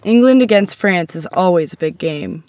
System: none